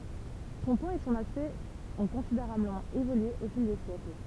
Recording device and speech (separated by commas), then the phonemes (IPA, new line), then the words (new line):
temple vibration pickup, read sentence
sɔ̃ pwaz e sɔ̃n aspɛkt ɔ̃ kɔ̃sideʁabləmɑ̃ evolye o fil de sjɛkl
Son poids et son aspect ont considérablement évolué au fil des siècles.